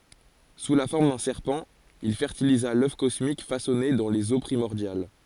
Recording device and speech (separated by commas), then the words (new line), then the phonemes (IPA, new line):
forehead accelerometer, read sentence
Sous la forme d'un serpent, il fertilisa l'œuf cosmique façonné dans les Eaux primordiales.
su la fɔʁm dœ̃ sɛʁpɑ̃ il fɛʁtiliza lœf kɔsmik fasɔne dɑ̃ lez o pʁimɔʁdjal